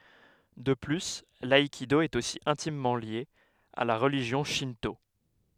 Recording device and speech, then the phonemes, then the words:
headset microphone, read sentence
də ply laikido ɛt osi ɛ̃timmɑ̃ lje a la ʁəliʒjɔ̃ ʃɛ̃to
De plus, l'aïkido est aussi intimement lié à la religion Shinto.

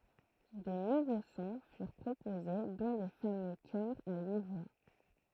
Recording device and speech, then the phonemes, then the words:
throat microphone, read sentence
də nuvo sɔ̃ fyʁ pʁopoze dɔ̃ le famø kœʁz a yi vwa
De nouveaux sons furent proposés, dont les fameux chœurs à huit voix.

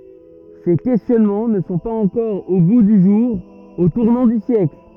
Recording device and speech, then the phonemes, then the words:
rigid in-ear microphone, read sentence
se kɛstjɔnmɑ̃ nə sɔ̃ paz ɑ̃kɔʁ o ɡu dy ʒuʁ o tuʁnɑ̃ dy sjɛkl
Ces questionnements ne sont pas encore au goût du jour au tournant du siècle.

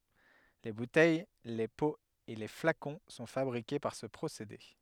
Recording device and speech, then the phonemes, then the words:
headset microphone, read sentence
le butɛj le poz e le flakɔ̃ sɔ̃ fabʁike paʁ sə pʁosede
Les bouteilles, les pots et les flacons sont fabriqués par ce procédé.

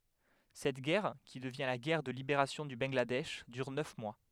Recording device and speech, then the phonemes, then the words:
headset microphone, read sentence
sɛt ɡɛʁ ki dəvjɛ̃ la ɡɛʁ də libeʁasjɔ̃ dy bɑ̃ɡladɛʃ dyʁ nœf mwa
Cette guerre, qui devient la guerre de libération du Bangladesh, dure neuf mois.

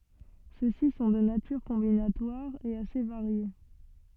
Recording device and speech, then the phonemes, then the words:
soft in-ear microphone, read sentence
søksi sɔ̃ də natyʁ kɔ̃binatwaʁ e ase vaʁje
Ceux-ci sont de nature combinatoire, et assez variés.

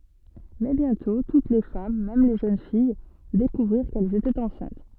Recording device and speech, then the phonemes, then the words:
soft in-ear microphone, read sentence
mɛ bjɛ̃tɔ̃ tut le fam mɛm le ʒøn fij dekuvʁiʁ kɛlz etɛt ɑ̃sɛ̃t
Mais bientôt, toutes les femmes, même les jeunes filles, découvrirent qu'elles étaient enceintes.

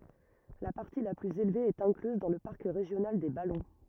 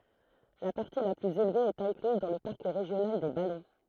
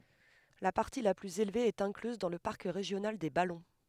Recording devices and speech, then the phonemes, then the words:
rigid in-ear microphone, throat microphone, headset microphone, read sentence
la paʁti la plyz elve ɛt ɛ̃klyz dɑ̃ lə paʁk ʁeʒjonal de balɔ̃
La partie la plus élevée est incluse dans le parc régional des Ballons.

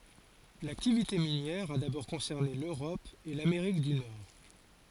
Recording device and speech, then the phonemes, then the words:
forehead accelerometer, read sentence
laktivite minjɛʁ a dabɔʁ kɔ̃sɛʁne løʁɔp e lameʁik dy nɔʁ
L'activité minière a d'abord concerné l'Europe et l'Amérique du Nord.

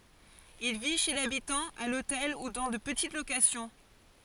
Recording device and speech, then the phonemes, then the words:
forehead accelerometer, read sentence
il vi ʃe labitɑ̃ a lotɛl u dɑ̃ də pətit lokasjɔ̃
Il vit chez l'habitant, à l'hôtel ou dans de petites locations.

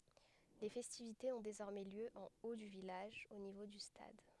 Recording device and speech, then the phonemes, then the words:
headset microphone, read sentence
le fɛstivitez ɔ̃ dezɔʁmɛ ljø ɑ̃ o dy vilaʒ o nivo dy stad
Les festivités ont désormais lieu en haut du village, au niveau du stade.

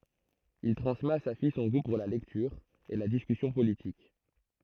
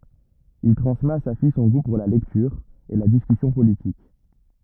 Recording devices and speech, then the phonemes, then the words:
throat microphone, rigid in-ear microphone, read sentence
il tʁɑ̃smɛt a sa fij sɔ̃ ɡu puʁ la lɛktyʁ e la diskysjɔ̃ politik
Il transmet à sa fille son goût pour la lecture et la discussion politique.

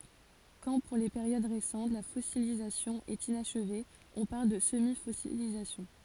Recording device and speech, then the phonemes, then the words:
forehead accelerometer, read sentence
kɑ̃ puʁ le peʁjod ʁesɑ̃t la fɔsilizasjɔ̃ ɛt inaʃve ɔ̃ paʁl də səmifɔsilizasjɔ̃
Quand, pour les périodes récentes, la fossilisation est inachevée, on parle de semi-fossilisation.

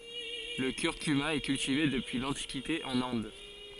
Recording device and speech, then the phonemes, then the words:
forehead accelerometer, read sentence
lə kyʁkyma ɛ kyltive dəpyi lɑ̃tikite ɑ̃n ɛ̃d
Le curcuma est cultivé depuis l'Antiquité en Inde.

